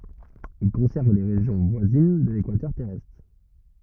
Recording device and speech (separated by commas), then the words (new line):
rigid in-ear microphone, read sentence
Il concerne les régions voisines de l'équateur terrestre.